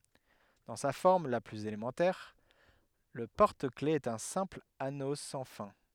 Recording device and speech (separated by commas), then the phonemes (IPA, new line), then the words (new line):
headset microphone, read sentence
dɑ̃ sa fɔʁm la plyz elemɑ̃tɛʁ lə pɔʁtəklɛfz ɛt œ̃ sɛ̃pl ano sɑ̃ fɛ̃
Dans sa forme la plus élémentaire, le porte-clefs est un simple anneau sans fin.